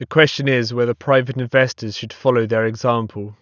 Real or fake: real